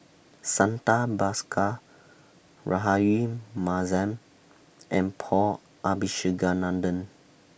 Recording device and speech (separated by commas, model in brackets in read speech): boundary microphone (BM630), read sentence